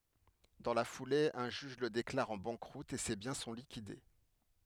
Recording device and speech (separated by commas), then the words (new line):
headset microphone, read sentence
Dans la foulée, un juge le déclare en banqueroute et ses biens sont liquidés.